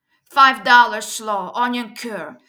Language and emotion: English, angry